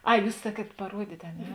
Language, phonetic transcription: Lithuanian, ˈai ˈjūs ˈsaˌkiet paˈruodyt' a ˈne

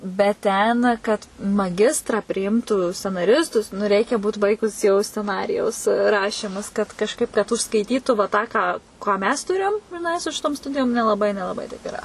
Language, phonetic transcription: Lithuanian, bet ˈten kad maˈgistra priˈimtų scenaˈristus nu ˈreikia ˈbūt ˈbaigus jau sceˈnarijaus ˈrašymus kad kažˈkaip kad užskaiˈtytu va ˈtą ˈką ką ˈmes ˈturėjom griˈnai su ˈšitom ˈstudijom nelaˈbai nelaˈbai taip iˈra

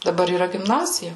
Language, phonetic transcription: Lithuanian, daˈbar yˈra gimˈnazija

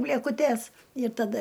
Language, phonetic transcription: Lithuanian, blėkuˈtes ir taˈda

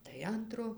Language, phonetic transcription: Lithuanian, tai ˈantro

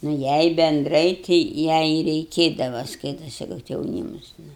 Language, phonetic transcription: Lithuanian, nu ˈjai benˈdrai ti ˈjai i reiˈkėdava ˈskaitasi kad jauˈnymus ˈnu

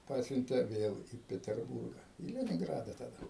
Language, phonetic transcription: Lithuanian, ˈpasiuntė ˈvėl į peterˈbūrga į leninˈgrada taˈda

